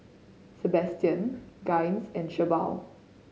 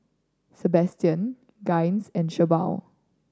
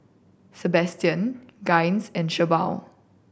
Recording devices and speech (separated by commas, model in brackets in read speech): mobile phone (Samsung C5010), standing microphone (AKG C214), boundary microphone (BM630), read sentence